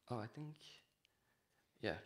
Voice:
Low voice